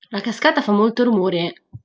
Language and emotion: Italian, angry